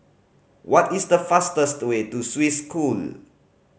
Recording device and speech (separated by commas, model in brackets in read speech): mobile phone (Samsung C5010), read sentence